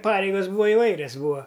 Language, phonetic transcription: Lithuanian, ˈpareigas ˈbūva iˈvairias ˈbūa

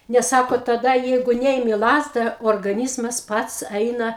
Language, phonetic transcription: Lithuanian, nes ˈsako taˈda ˈjeigu ˈneimi ˈlazda orgaˈnyzmas ˈpats ˈaina

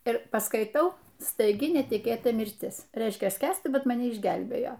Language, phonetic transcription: Lithuanian, ir paskaiˈtau staiˈgi netiˈkėta mirˈtis ˈreiškia ˈskęsti ˈbet maˈne išˈgelbėjo

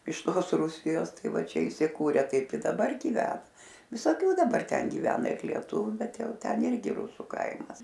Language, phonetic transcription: Lithuanian, iš ˈtos ˈrūsijos ˈtai ˈva ˈčia isiˈkūre ˈtaip i daˈbar giˈvena visoˈkių daˈbar ˈten giˈvena ir lieˈtuviu ˈbet ˈjau ˈten ˈirgi ˈrusu ˈkaimas

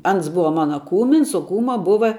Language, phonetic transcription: Lithuanian, ˈans ˈbuva ˈmana ˈkūmins o ˈkūma ˈbuva

